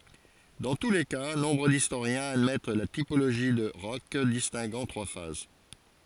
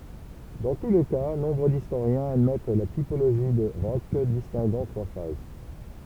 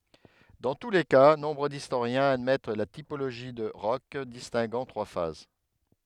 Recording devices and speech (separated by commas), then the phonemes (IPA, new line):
forehead accelerometer, temple vibration pickup, headset microphone, read sentence
dɑ̃ tu le ka nɔ̃bʁ distoʁjɛ̃z admɛt la tipoloʒi də ʁɔʃ distɛ̃ɡɑ̃ tʁwa faz